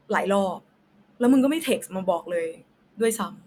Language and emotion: Thai, frustrated